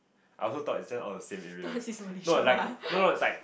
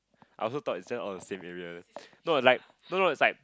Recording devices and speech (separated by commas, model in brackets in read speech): boundary microphone, close-talking microphone, conversation in the same room